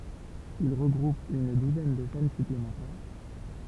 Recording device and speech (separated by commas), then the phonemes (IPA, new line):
temple vibration pickup, read sentence
il ʁəɡʁup yn duzɛn də ʃɛn syplemɑ̃tɛʁ